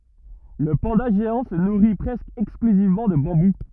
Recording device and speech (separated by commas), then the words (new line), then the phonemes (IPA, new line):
rigid in-ear microphone, read sentence
Le panda géant se nourrit presque exclusivement de bambou.
lə pɑ̃da ʒeɑ̃ sə nuʁi pʁɛskə ɛksklyzivmɑ̃ də bɑ̃bu